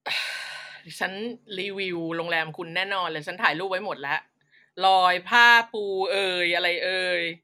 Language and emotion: Thai, frustrated